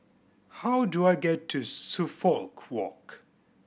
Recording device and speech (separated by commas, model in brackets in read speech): boundary microphone (BM630), read sentence